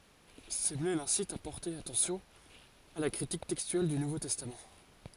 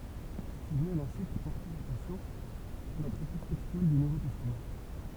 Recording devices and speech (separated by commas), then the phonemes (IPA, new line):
forehead accelerometer, temple vibration pickup, read sentence
səmle lɛ̃sit a pɔʁte atɑ̃sjɔ̃ a la kʁitik tɛkstyɛl dy nuvo tɛstam